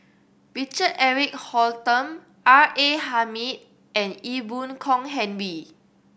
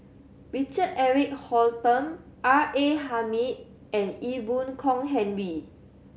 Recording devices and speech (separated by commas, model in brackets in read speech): boundary microphone (BM630), mobile phone (Samsung C7100), read sentence